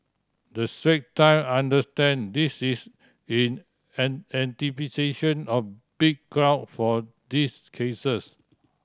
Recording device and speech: standing microphone (AKG C214), read sentence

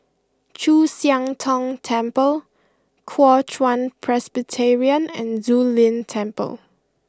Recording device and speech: close-talking microphone (WH20), read sentence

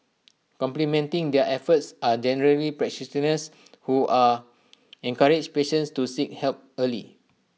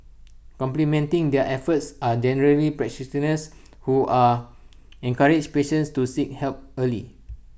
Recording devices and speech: mobile phone (iPhone 6), boundary microphone (BM630), read sentence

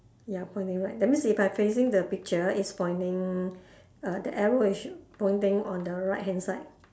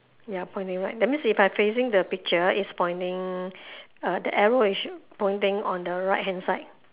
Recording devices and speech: standing microphone, telephone, conversation in separate rooms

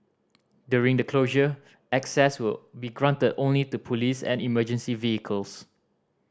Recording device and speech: standing microphone (AKG C214), read sentence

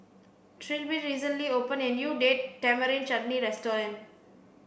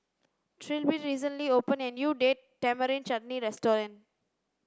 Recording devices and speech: boundary microphone (BM630), standing microphone (AKG C214), read sentence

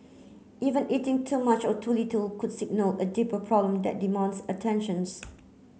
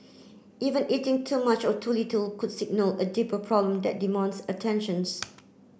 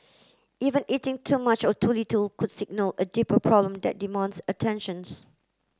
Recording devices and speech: mobile phone (Samsung C9), boundary microphone (BM630), close-talking microphone (WH30), read sentence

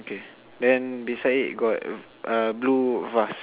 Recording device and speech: telephone, conversation in separate rooms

